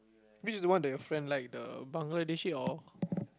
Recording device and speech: close-talking microphone, conversation in the same room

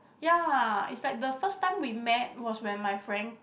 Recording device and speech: boundary microphone, conversation in the same room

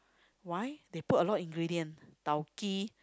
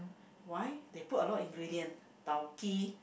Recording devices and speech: close-talking microphone, boundary microphone, conversation in the same room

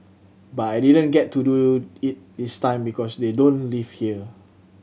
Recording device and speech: mobile phone (Samsung C7100), read sentence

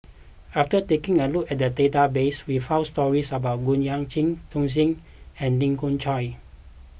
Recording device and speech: boundary microphone (BM630), read sentence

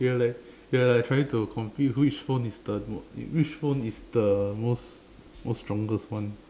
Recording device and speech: standing microphone, conversation in separate rooms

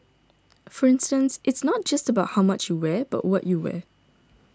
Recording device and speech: standing microphone (AKG C214), read sentence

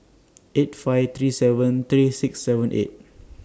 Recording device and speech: standing microphone (AKG C214), read sentence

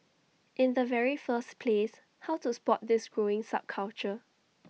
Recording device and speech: mobile phone (iPhone 6), read sentence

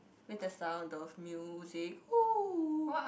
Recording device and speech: boundary microphone, conversation in the same room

